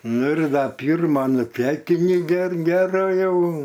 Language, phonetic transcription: Lithuanian, ˈnu ir ˈda ˈpyrma nuˈtekini ger ˈgera ˈjau

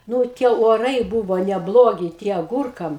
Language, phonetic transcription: Lithuanian, ˈnū ˈtie oˈrai ˈbūvo neˈblogi ˈtie aˈgūrkam

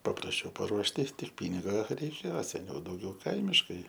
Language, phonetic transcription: Lithuanian, paprasˈčiau paˈruošti ˈtik ˈpyniga reiˈkėo seˈniau dauˈgiau ˈkaimiškai

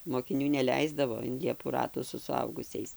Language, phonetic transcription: Lithuanian, mokiˈnių neˈleisdavo in ˈliepų ˈratų su suˈaugusiais

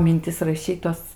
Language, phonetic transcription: Lithuanian, minˈtis raˈšyt tuos

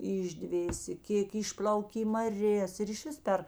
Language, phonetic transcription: Lithuanian, išˈdvėsė ˈkėk ˈišplaukė į maˈrės ir išˈvis per

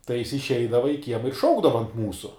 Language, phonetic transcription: Lithuanian, tai jis išˈeidava i ˈkiema ir ˈšaukdava ant ˈmūsu

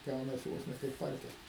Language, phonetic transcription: Lithuanian, ˈgaunasi ˈvos ne kaip ˈparkel

